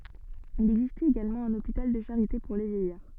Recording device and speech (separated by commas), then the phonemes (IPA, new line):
soft in-ear microphone, read sentence
il ɛɡzistɛt eɡalmɑ̃ œ̃n opital də ʃaʁite puʁ le vjɛjaʁ